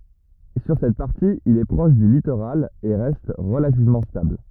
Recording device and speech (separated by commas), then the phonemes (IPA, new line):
rigid in-ear microphone, read sentence
syʁ sɛt paʁti il ɛ pʁɔʃ dy litoʁal e ʁɛst ʁəlativmɑ̃ stabl